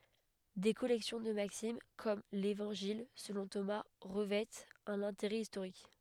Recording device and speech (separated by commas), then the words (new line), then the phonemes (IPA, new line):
headset microphone, read sentence
Des collections de maximes, comme l'Évangile selon Thomas, revêtent un intérêt historique.
de kɔlɛksjɔ̃ də maksim kɔm levɑ̃ʒil səlɔ̃ toma ʁəvɛtt œ̃n ɛ̃teʁɛ istoʁik